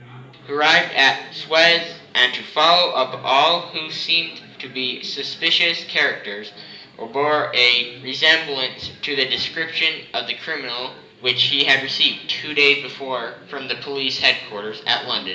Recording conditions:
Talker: one person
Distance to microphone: 1.8 m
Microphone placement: close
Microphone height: 1.0 m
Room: large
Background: babble

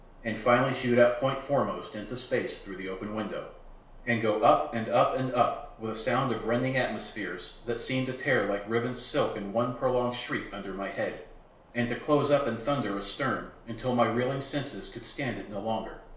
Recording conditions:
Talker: one person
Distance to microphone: 1.0 m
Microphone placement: close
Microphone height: 1.1 m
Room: small (3.7 m by 2.7 m)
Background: none

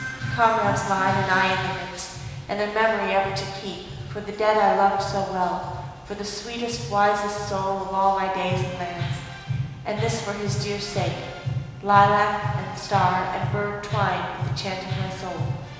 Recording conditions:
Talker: one person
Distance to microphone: 1.7 m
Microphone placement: close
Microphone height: 1.0 m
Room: very reverberant, large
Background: music

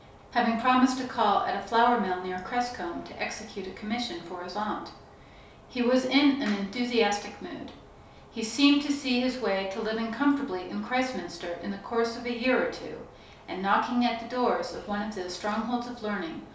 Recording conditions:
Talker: one person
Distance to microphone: 3.0 m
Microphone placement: far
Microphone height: 1.8 m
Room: small (3.7 m by 2.7 m)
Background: none

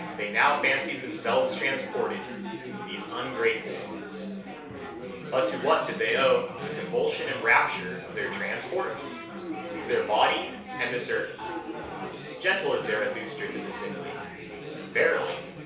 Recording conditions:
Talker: one person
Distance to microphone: 3.0 m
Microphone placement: far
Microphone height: 1.8 m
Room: small (3.7 m by 2.7 m)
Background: babble

